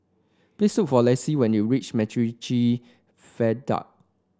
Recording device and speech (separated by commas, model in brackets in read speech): standing microphone (AKG C214), read sentence